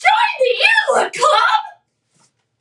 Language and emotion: English, surprised